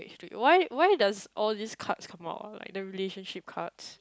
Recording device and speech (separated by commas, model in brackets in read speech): close-talking microphone, conversation in the same room